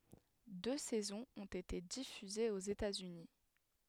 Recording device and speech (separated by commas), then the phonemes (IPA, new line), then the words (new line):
headset microphone, read sentence
dø sɛzɔ̃z ɔ̃t ete difyzez oz etatsyni
Deux saisons ont été diffusées aux États-Unis.